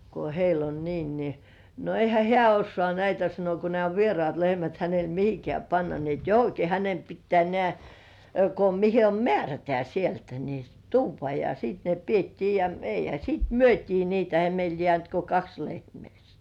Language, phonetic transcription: Finnish, ko 'heil ‿on 'niin « ni , » no 'eihä "hĕä̀ 'ossŏà näitä « sano » ko 'nĕä̀ o "vierŏàt 'lehmät hänel "mihikĕä̀ panna ni ‿et "johoki hänem 'pittĕä̀ nĕä̀ , ko 'mihe om "mĕärätĕä sieltä ni , "tuuv̆va « ja siit ne 'piettii ja , 'eihä siit "myöt́ii niitä ehä meil 'jĕä̀nt ko "kaks 'lehmĕä̀§ sɪɪɴ .
- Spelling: kun heillä on niin niin no eihän hän osaa näitä sanoi kun nämä on vieraat lehmät hänellä mihinkään panna niin että johonkin hänen pitää nämä kun mihin on määrätään sieltä niin tuoda ja sitten ne pidettiin ja eihän sitten myytiin niitä eihän meille jäänyt kuin kaksi lehmää siinä

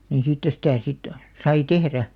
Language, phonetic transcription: Finnish, ni 'siittä sitä̀ sit , 'sai "tehrä .
- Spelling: niin siitä sitä sitten sai tehdä

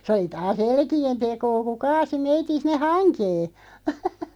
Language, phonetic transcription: Finnish, se oli 'taa"s ‿elki₍en 'tekoo ku "kaasi 'meitin̬ 'sin̆ne "haŋkee .
- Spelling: se oli taas elkien tekoa kun kaatoi meidän sinne hankeen

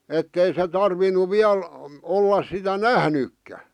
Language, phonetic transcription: Finnish, 'ettei se tarvinu 'viäl , 'ollas sitä "nähnykkä .
- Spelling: että ei se tarvinnut vielä olla sitä nähnytkään

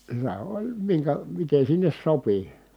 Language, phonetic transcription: Finnish, se oĺ , miŋkä , miten̬ sinnes sopi .
- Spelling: se oli minkä miten sinne sopi

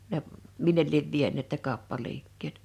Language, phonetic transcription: Finnish, ne , 'minnel liev 'vieǹèt ne 'kàoppaliikkeet .
- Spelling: ne minne lie vieneet ne kauppaliikkeet

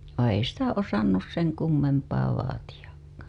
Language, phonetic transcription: Finnish, vai ei "sitä "osannus 'seŋ kummempaa vaatiʲakkAA .
- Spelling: vaan ei sitä osannut sen kummempaa vaatiakaan

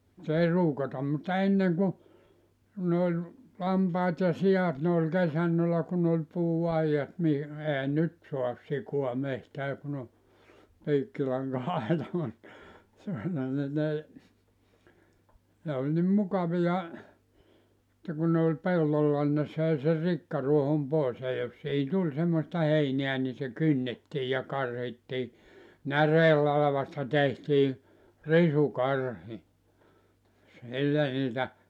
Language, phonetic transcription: Finnish, [ny]t ‿ei "ruukatam mutta 'enneŋ ku , ku ne oĺ , 'lampaat ja 'si₍at ne oĺ 'kesännölä kun ‿oĺ 'puu₍'aijat mi- , 'ehä "nyt soas 'sikoa 'mehtää kun ‿o , 'piikkilaŋka₍aita mut , (sillon - -) ni n ‿ei , ne oĺ nim 'mukavija , [et]tä ku ne oĺ 'pellolla nⁱn ne 'söi ser 'rikkaruohom 'pòes ja jos siihi 'tuĺ semmosta 'heineä ni se 'kynnettii ja 'karhittii , "näreellalᵃvasta tehtii , 'risu'karhi , 'sillä niitä ,.
- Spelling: nyt ei ruukata mutta ennen kun kun ne oli lampaat ja siat ne oli kesannolla kun oli puuaidat - eihän nyt saa sikaa metsään kun on piikkilanka-aita mutta silloin niin ne ei ne oli niin mukavia että kun ne oli pellolla niin ne söi sen rikkaruohon pois ja jos siihen tuli semmoista heinää niin se kynnettiin ja karhittiin näreenlavasta tehtiin risukarhi sillä niitä

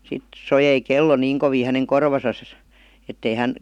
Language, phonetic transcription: Finnish, 'sit , 'sojei "kello 'niiŋ kovii häneŋ 'korvasas , ettei 'hän ,.
- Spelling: sitten soi kello niin kovin hänen korvassaan että ei hän

